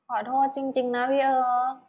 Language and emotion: Thai, sad